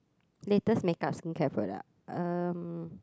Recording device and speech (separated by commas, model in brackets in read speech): close-talking microphone, conversation in the same room